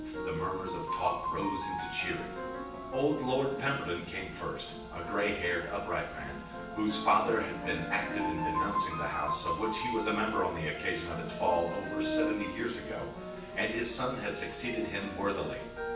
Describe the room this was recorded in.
A large room.